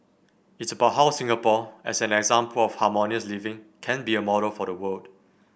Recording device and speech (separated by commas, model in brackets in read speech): boundary microphone (BM630), read sentence